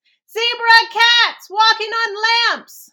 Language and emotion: English, fearful